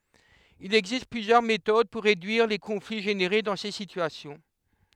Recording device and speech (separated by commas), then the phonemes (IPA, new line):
headset microphone, read sentence
il ɛɡzist plyzjœʁ metod puʁ ʁedyiʁ le kɔ̃fli ʒeneʁe dɑ̃ se sityasjɔ̃